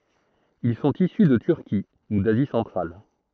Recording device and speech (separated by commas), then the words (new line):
throat microphone, read sentence
Ils sont issus de Turquie ou d’Asie centrale.